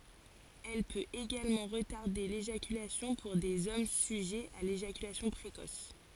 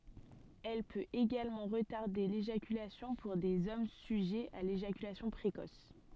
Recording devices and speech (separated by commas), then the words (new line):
forehead accelerometer, soft in-ear microphone, read sentence
Elle peut également retarder l'éjaculation pour des hommes sujets à l'éjaculation précoce.